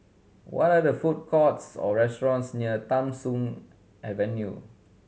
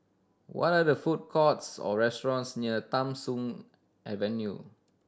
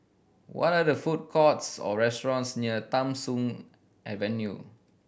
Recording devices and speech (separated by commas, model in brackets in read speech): mobile phone (Samsung C7100), standing microphone (AKG C214), boundary microphone (BM630), read sentence